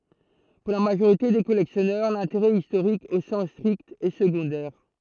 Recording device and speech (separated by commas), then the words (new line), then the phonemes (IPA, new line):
throat microphone, read sentence
Pour la majorité des collectionneurs, l'intérêt historique au sens strict est secondaire.
puʁ la maʒoʁite de kɔlɛksjɔnœʁ lɛ̃teʁɛ istoʁik o sɑ̃s stʁikt ɛ səɡɔ̃dɛʁ